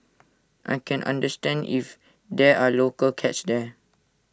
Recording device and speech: standing microphone (AKG C214), read sentence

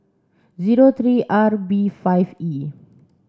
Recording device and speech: standing microphone (AKG C214), read sentence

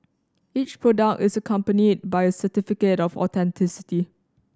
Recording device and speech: standing microphone (AKG C214), read sentence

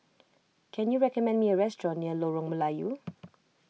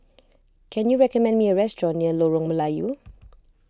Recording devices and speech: mobile phone (iPhone 6), close-talking microphone (WH20), read sentence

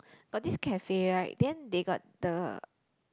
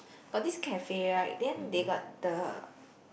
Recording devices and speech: close-talking microphone, boundary microphone, conversation in the same room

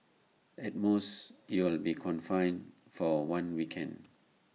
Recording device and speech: mobile phone (iPhone 6), read sentence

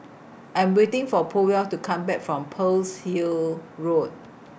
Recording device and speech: boundary microphone (BM630), read sentence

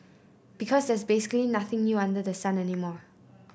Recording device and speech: boundary microphone (BM630), read sentence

